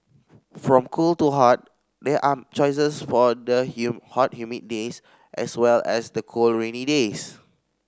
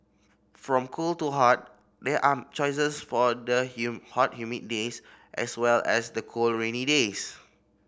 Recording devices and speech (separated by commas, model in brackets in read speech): standing microphone (AKG C214), boundary microphone (BM630), read sentence